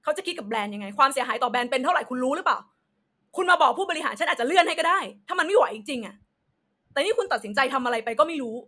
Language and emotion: Thai, angry